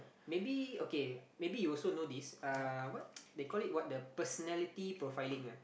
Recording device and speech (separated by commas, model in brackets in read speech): boundary microphone, conversation in the same room